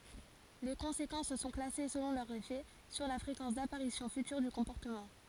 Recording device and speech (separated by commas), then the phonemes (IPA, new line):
forehead accelerometer, read sentence
le kɔ̃sekɑ̃s sɔ̃ klase səlɔ̃ lœʁ efɛ syʁ la fʁekɑ̃s dapaʁisjɔ̃ fytyʁ dy kɔ̃pɔʁtəmɑ̃